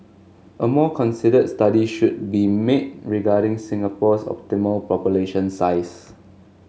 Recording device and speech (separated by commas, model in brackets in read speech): mobile phone (Samsung S8), read sentence